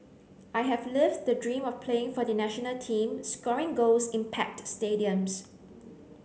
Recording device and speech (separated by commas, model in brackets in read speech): mobile phone (Samsung C9), read sentence